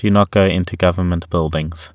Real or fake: real